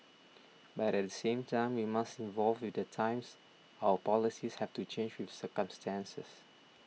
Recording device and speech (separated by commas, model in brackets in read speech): mobile phone (iPhone 6), read sentence